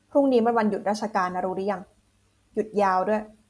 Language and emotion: Thai, angry